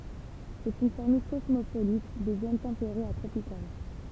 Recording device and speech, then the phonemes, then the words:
temple vibration pickup, read sentence
sɛt yn famij kɔsmopolit de zon tɑ̃peʁez a tʁopikal
C'est une famille cosmopolite des zones tempérées à tropicales.

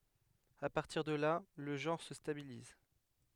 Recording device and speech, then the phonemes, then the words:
headset microphone, read sentence
a paʁtiʁ də la lə ʒɑ̃ʁ sə stabiliz
À partir de là, le genre se stabilise.

